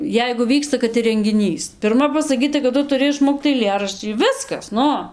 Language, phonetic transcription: Lithuanian, ˈjeigu ˈvyksta kad ir rengiˈnys pirˈma pasaˈkyta kad ˈtu tuˈri išˈmokt aiˈlėraščį ˈviskas ˈnu

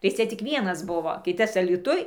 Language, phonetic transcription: Lithuanian, tai ˈcia ˈcik ˈvienas ˈbuvo ˈkitas alyˈtuj

